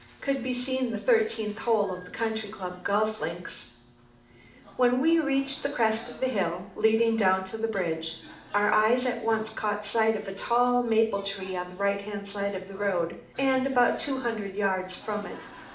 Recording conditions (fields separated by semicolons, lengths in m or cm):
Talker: one person; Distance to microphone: 2.0 m; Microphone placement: close; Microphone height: 99 cm; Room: medium-sized (5.7 m by 4.0 m); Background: television